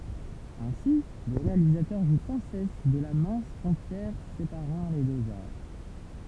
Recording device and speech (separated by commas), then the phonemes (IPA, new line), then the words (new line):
temple vibration pickup, read sentence
ɛ̃si lə ʁealizatœʁ ʒu sɑ̃ sɛs də la mɛ̃s fʁɔ̃tjɛʁ sepaʁɑ̃ le døz aʁ
Ainsi, le réalisateur joue sans cesse de la mince frontière séparant les deux arts.